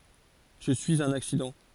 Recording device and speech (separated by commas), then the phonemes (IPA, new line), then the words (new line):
forehead accelerometer, read sentence
ʒə syiz œ̃n aksidɑ̃
Je suis un accident.